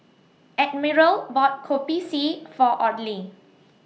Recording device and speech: mobile phone (iPhone 6), read sentence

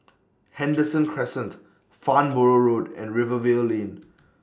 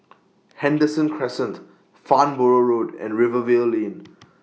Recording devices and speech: standing microphone (AKG C214), mobile phone (iPhone 6), read sentence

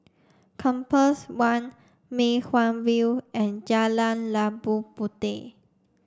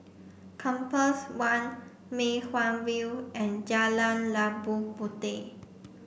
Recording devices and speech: standing microphone (AKG C214), boundary microphone (BM630), read sentence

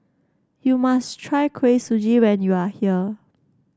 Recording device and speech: standing microphone (AKG C214), read sentence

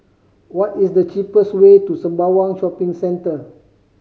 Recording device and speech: mobile phone (Samsung C5010), read sentence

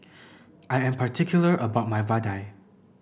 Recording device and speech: boundary microphone (BM630), read sentence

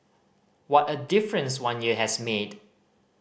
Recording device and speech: boundary microphone (BM630), read sentence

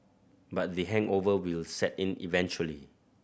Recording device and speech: boundary microphone (BM630), read sentence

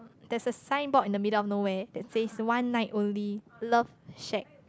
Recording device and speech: close-talking microphone, conversation in the same room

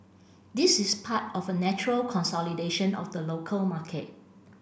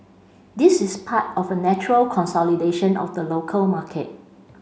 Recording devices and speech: boundary microphone (BM630), mobile phone (Samsung C5), read sentence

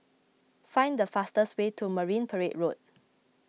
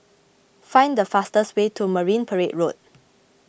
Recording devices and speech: mobile phone (iPhone 6), boundary microphone (BM630), read sentence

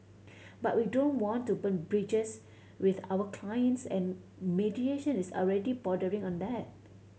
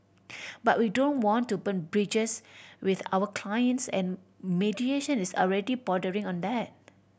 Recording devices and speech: mobile phone (Samsung C7100), boundary microphone (BM630), read sentence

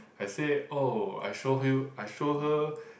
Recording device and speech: boundary microphone, conversation in the same room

